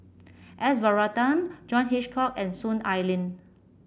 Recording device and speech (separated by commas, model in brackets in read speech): boundary microphone (BM630), read sentence